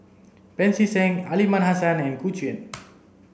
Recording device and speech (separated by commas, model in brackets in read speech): boundary microphone (BM630), read sentence